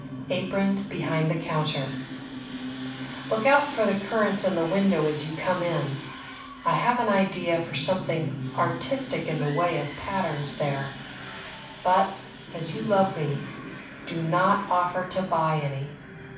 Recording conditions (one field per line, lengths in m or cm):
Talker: one person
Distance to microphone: 5.8 m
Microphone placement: far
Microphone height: 1.8 m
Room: medium-sized (5.7 m by 4.0 m)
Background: television